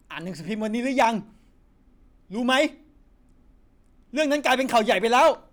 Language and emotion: Thai, angry